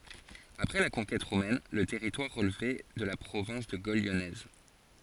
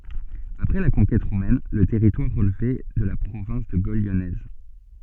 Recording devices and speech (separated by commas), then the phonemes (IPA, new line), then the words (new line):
forehead accelerometer, soft in-ear microphone, read sentence
apʁɛ la kɔ̃kɛt ʁomɛn lə tɛʁitwaʁ ʁəlvɛ də la pʁovɛ̃s də ɡol ljɔnɛz
Après la conquête romaine le territoire relevait de la province de Gaule lyonnaise.